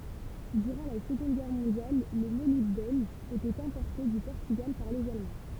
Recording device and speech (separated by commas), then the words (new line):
temple vibration pickup, read sentence
Durant la Seconde Guerre mondiale, le molybdène était importé du Portugal par les Allemands.